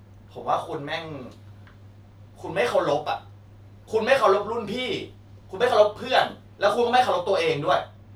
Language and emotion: Thai, angry